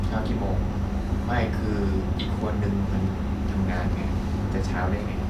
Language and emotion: Thai, frustrated